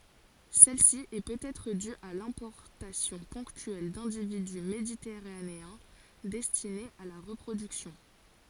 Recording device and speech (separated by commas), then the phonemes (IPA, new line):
forehead accelerometer, read sentence
sɛlsi ɛ pøtɛtʁ dy a lɛ̃pɔʁtasjɔ̃ pɔ̃ktyɛl dɛ̃dividy meditɛʁaneɛ̃ dɛstinez a la ʁəpʁodyksjɔ̃